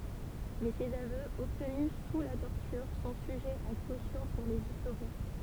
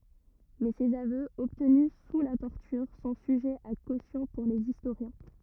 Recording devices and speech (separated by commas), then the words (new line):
temple vibration pickup, rigid in-ear microphone, read sentence
Mais ses aveux, obtenus sous la torture, sont sujets à caution pour les historiens.